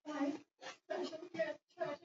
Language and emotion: English, fearful